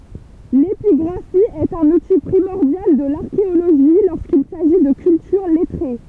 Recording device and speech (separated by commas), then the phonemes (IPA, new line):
temple vibration pickup, read sentence
lepiɡʁafi ɛt œ̃n uti pʁimɔʁdjal də laʁkeoloʒi loʁskil saʒi də kyltyʁ lɛtʁe